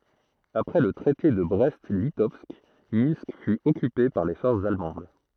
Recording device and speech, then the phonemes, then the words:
throat microphone, read sentence
apʁɛ lə tʁɛte də bʁɛst litɔvsk mɛ̃sk fy ɔkype paʁ le fɔʁsz almɑ̃d
Après le Traité de Brest-Litovsk, Minsk fut occupée par les forces allemandes.

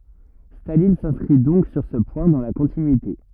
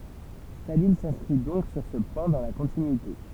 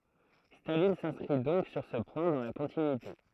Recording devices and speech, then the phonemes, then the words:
rigid in-ear microphone, temple vibration pickup, throat microphone, read sentence
stalin sɛ̃skʁi dɔ̃k syʁ sə pwɛ̃ dɑ̃ la kɔ̃tinyite
Staline s’inscrit donc sur ce point dans la continuité.

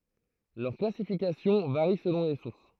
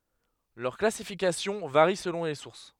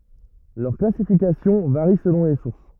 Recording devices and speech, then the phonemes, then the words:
throat microphone, headset microphone, rigid in-ear microphone, read sentence
lœʁ klasifikasjɔ̃ vaʁi səlɔ̃ le suʁs
Leur classification varie selon les sources.

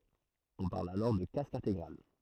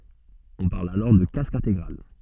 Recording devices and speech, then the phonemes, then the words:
throat microphone, soft in-ear microphone, read sentence
ɔ̃ paʁl alɔʁ də kask ɛ̃teɡʁal
On parle alors de casque intégral.

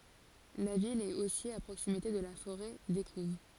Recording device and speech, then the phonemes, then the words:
forehead accelerometer, read sentence
la vil ɛt osi a pʁoksimite də la foʁɛ dekuv
La ville est aussi à proximité de la forêt d'Écouves.

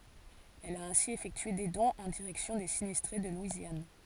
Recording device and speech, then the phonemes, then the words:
forehead accelerometer, read sentence
ɛl a ɛ̃si efɛktye de dɔ̃z ɑ̃ diʁɛksjɔ̃ de sinistʁe də lwizjan
Elle a ainsi effectué des dons en direction des sinistrés de Louisiane.

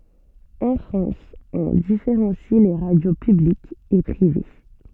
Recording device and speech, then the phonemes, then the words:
soft in-ear microphone, read sentence
ɑ̃ fʁɑ̃s ɔ̃ difeʁɑ̃si le ʁadjo pyblikz e pʁive
En France, on différencie les radios publiques et privées.

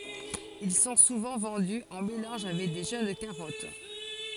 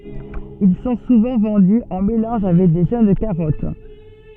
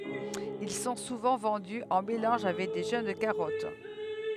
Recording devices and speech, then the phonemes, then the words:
forehead accelerometer, soft in-ear microphone, headset microphone, read sentence
il sɔ̃ suvɑ̃ vɑ̃dy ɑ̃ melɑ̃ʒ avɛk də ʒøn kaʁɔt
Ils sont souvent vendus en mélange avec de jeunes carottes.

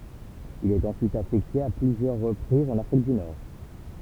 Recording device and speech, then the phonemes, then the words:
temple vibration pickup, read sentence
il ɛt ɑ̃syit afɛkte a plyzjœʁ ʁəpʁizz ɑ̃n afʁik dy nɔʁ
Il est ensuite affecté à plusieurs reprises en Afrique du Nord.

